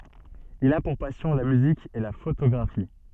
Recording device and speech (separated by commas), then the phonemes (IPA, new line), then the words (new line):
soft in-ear microphone, read sentence
il a puʁ pasjɔ̃ la myzik e la fotoɡʁafi
Il a pour passion la musique et la photographie.